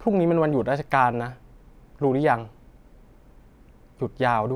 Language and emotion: Thai, frustrated